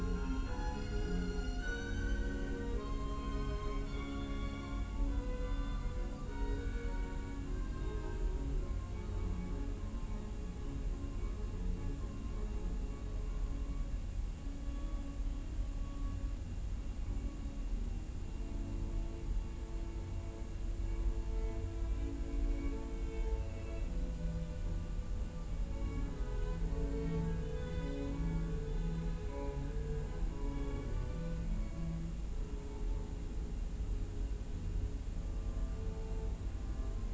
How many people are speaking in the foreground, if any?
No one.